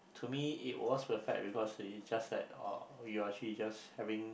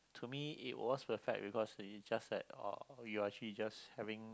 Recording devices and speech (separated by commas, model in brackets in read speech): boundary microphone, close-talking microphone, conversation in the same room